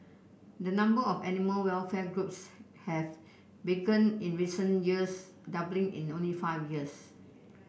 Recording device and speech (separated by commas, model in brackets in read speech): boundary microphone (BM630), read sentence